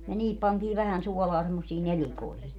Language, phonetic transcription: Finnish, ja 'niihip pantii vähän 'suɔlaa semmossii 'nelikoihi .
- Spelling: ja niihin pantiin vähän suolaa semmoisiin nelikoihin

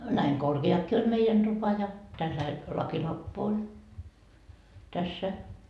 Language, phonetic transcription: Finnish, näiŋ "korke₍akkii oĺ 'meijän Dupa ja , tälläil , 'lakilamppu oĺ , tässä .
- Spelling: näin korkeakin oli meidän tupa ja tällainen lakilamppu oli tässä

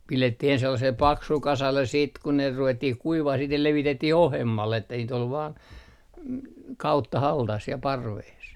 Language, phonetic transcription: Finnish, "pilettih ens sellasel "paksul 'kasalles siit ku ne 'ruvettih 'kuivah siit ne 'levitetti"h ‿ohem - mall ‿että niit ‿ol vaan , 'kauttahaltas siɛ "parvees .
- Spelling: pidettiin ensin sellaiselle paksulle kasalle sitten kun ne ruvettiin kuivaamaan sitten ne levitettiin ohuemmalle että niitä oli vain kauttaaltaan siellä parvessa

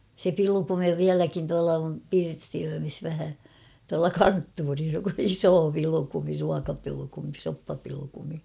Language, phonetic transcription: Finnish, se 'pilukumi "viäläkin tuala om 'pirstiöömis vähä , tuala "kanttuuris "isoo 'pilᵘkumi 'ruakapilᵘkumi 'soppapilᵘkumi .
- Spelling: se pilkumi vieläkin tuolla on pirstiöimissä vähän tuolla konttorissa iso pilkumi ruokapilkumi soppapilkumi

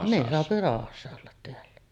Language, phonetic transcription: Finnish, ne 'soapi 'ràohassa ollat teällä .
- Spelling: ne saa rauhassa olla täällä

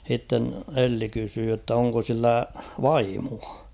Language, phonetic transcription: Finnish, h̬itten "Elli kysyy jott ‿'oŋko sillä "vaimua .
- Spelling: sitten Elli kysyi jotta onko sillä vaimoa

